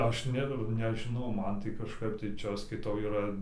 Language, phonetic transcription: Lithuanian, ˈaš ˈne nežiˈnau ˈman tai kažˈkaip tai ˈčia ˈaš skaiˈtau yˈra

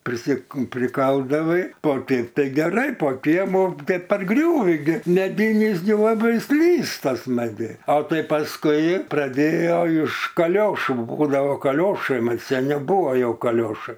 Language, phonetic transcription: Lithuanian, prisi priˈkaldavai o ˈteip tai geˈrai po ˈkiemu tai parˈgriūvi gi meˈdynis gi laˈbai ˈslysta smaˈgiai a ˈtai pasˈkui praˈdėjo iš kaˈliošų ˈbūdavo kaˈliošai ˈman' ˈseni ˈbūvo ˈjau kaˈliošai

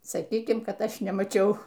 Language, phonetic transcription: Lithuanian, saˈkykim ˈkad ˈaš nemaˈčiau

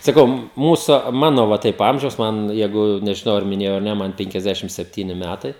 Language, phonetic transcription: Lithuanian, saˈkau ˈmūsu ˈmano va ˈtaip ˈamžiaus ˈman ˈjeigu nežiˈnau ar miˈnėjau ar ˈne ˈman penkiasˈdešim sepˈtyni ˈmætai

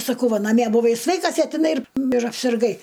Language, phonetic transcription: Lithuanian, saˈkau ˈva naˈmie buˈvai ˈsveikas a tiˈnai ir ir apsirˈgai

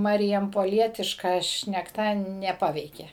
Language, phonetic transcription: Lithuanian, ˌmarijampoˈlietiška šnekˈta neˈpaveikė

